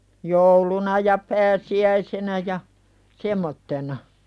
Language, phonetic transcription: Finnish, 'jouluna ja pääsi₍"äisenä ja , 'semmottena .
- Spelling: jouluna ja pääsiäisenä ja semmoisena

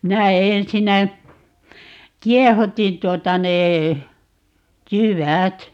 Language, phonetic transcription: Finnish, nää , 'minä 'ensinnä , "kiɛhutin tuota 'nee , "jy"wät .
- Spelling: nämä minä ensinnä kiehutin tuota ne jyvät

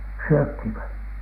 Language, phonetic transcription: Finnish, syöthìv vai ?
- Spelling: syötiin vai

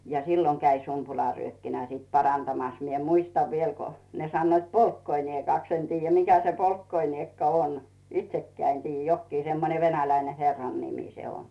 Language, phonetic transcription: Finnish, ja "silloŋ käi 'sumpulàryökkinä sit 'parantamas mie 'muistav viel ko , ne 'sannoit "polkkoiniekàks en tiijjä 'mikä se "poikkoiniekka "on , 'itsekkää en tiijjä 'jokkii semmone 'venäläine "herrannimì se on .
- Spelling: ja silloin kävi sumpularyökkinä sitten parantamassa minä muistan vielä kun ne sanoivat polkkoiniekaksi en tiedä mikä se polkkoiniekka on itsekään en tiedä jokin semmoinen venäläinen herrannimi se on

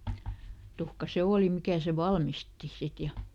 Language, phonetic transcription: Finnish, ˈtuhka "se ˈooli ˈmikä sev̆ "valmisti , ˈsit ja ,.
- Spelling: tuhka se oli mikä sen valmisti sitten ja

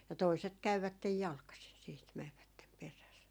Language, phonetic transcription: Finnish, ja 'toiset 'käyvättej "jalkasin siit , 'mɛvvättem 'peräs .
- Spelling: ja toiset kävivät jalkaisin sitten menivät perässä

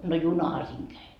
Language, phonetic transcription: Finnish, no "junaha siiŋ 'käi .
- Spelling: no junahan siinä kävi

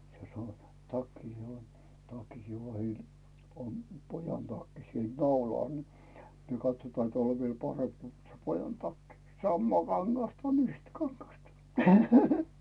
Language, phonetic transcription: Finnish, se soo- , 'takki , o- , 'takki(hi vahil) , om , pojan 'takki siel 'naulàl ni , niiŋ katsotaan 'teä̀l ov viel 'paremp ko se pojan 'takki , 'sammaa kaŋGasta on 'yhtä kaŋGasta .
- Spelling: se - takki - takkikin vahdilla on pojan takki siellä naulalla niin niin katsotaan täällä on vielä parempi kun se pojan takki samaa kangasta on yhtä kangasta

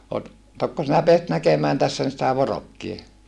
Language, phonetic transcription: Finnish, tokko sinä peäsit näkemään tässä sitä vorokkie ?
- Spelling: tokko sinä pääsit näkemään tässä sitä vorokkia

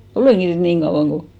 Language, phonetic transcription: Finnish, "olèŋki nyt 'niiŋ kauʷaŋ ko ,.
- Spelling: olenkin nyt niin kauan kuin

